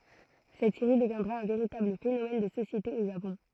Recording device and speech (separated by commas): throat microphone, read sentence